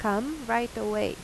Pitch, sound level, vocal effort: 225 Hz, 87 dB SPL, normal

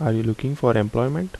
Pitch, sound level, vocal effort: 120 Hz, 75 dB SPL, soft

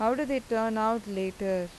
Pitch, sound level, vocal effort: 220 Hz, 88 dB SPL, normal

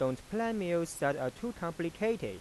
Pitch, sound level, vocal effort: 170 Hz, 90 dB SPL, normal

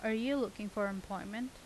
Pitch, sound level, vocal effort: 220 Hz, 84 dB SPL, normal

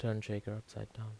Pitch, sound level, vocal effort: 110 Hz, 76 dB SPL, soft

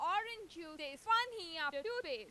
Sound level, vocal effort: 100 dB SPL, very loud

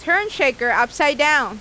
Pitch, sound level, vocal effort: 290 Hz, 96 dB SPL, loud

